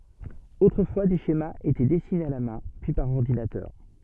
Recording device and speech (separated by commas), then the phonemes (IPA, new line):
soft in-ear microphone, read sentence
otʁəfwa de ʃemaz etɛ dɛsinez a la mɛ̃ pyi paʁ ɔʁdinatœʁ